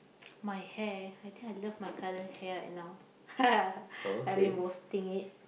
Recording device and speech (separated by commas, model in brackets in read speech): boundary microphone, conversation in the same room